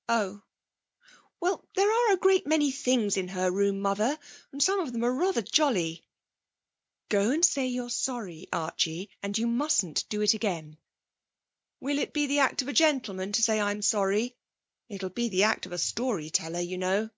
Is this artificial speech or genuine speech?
genuine